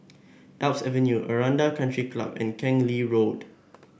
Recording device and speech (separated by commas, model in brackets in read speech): boundary microphone (BM630), read sentence